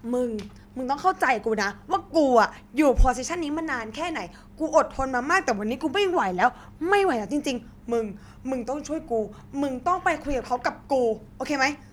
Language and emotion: Thai, frustrated